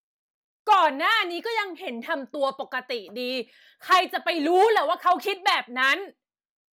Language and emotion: Thai, angry